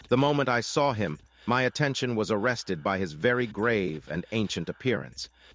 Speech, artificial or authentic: artificial